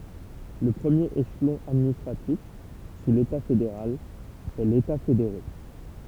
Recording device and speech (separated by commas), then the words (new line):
temple vibration pickup, read sentence
Le premier échelon administratif, sous l’État fédéral, est l’État fédéré.